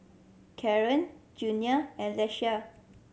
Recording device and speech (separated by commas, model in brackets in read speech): mobile phone (Samsung C7100), read sentence